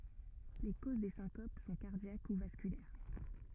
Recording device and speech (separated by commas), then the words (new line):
rigid in-ear microphone, read sentence
Les causes des syncopes sont cardiaques ou vasculaires.